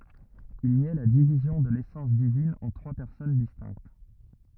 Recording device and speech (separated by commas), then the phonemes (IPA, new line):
rigid in-ear microphone, read sentence
il njɛ la divizjɔ̃ də lesɑ̃s divin ɑ̃ tʁwa pɛʁsɔn distɛ̃kt